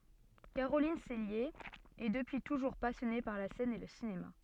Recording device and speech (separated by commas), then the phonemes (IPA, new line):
soft in-ear microphone, read sentence
kaʁolin sɛlje ɛ dəpyi tuʒuʁ pasjɔne paʁ la sɛn e lə sinema